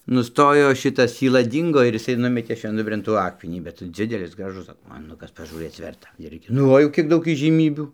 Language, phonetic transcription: Lithuanian, nuˈstojo ˈšitas syˈla ˈdyngo ir jiˈsai ˈnumetė švenˈdubrėn ˈtų ˈakmenį bet ˈdzidelis ˈgražus ˈgražus akmeˈnukas pažūˈrɘc ˈverta ˈirgi nu ˈva jau ˈkiek ˈdaug įžyˈmybių

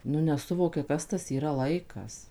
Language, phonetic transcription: Lithuanian, nu neˈsuvokia ˈkas tas yˈra ˈlaikas

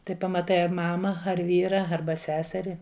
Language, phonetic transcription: Lithuanian, ˈtai pamaˈtai ar ˈmama ar ˈvyra ˈarba ˈseseri

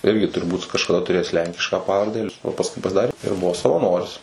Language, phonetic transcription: Lithuanian, ˈirgi turˈbūt kažkaˈda tuˈrėjęs ˈlenkišką ˈpavarde o pasˈkui pasˈdarė ir ˈbuvo savaˈnoris

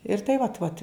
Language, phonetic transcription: Lithuanian, ir ˈtai vat ˈvat

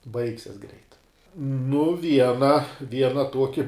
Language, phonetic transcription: Lithuanian, ˈbaigsias greit nu ˈviena ˈviena ˈtuoki

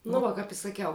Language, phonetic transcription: Lithuanian, nu ˈva kap i saˈkiau

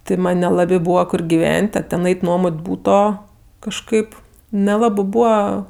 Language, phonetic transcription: Lithuanian, ti ˈman' neˈlabė ˈbūva ˈkur giˈven't' a ten ˈait' ˈnuomot' ˈbūto kažˈkaip neˈlabɜ ˈbūva

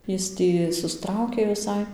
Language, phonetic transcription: Lithuanian, ˈjis tį suˈstraukė viˈsai

